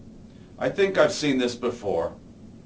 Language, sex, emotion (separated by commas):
English, male, neutral